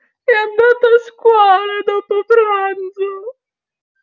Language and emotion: Italian, sad